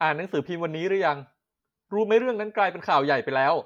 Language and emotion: Thai, neutral